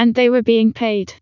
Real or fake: fake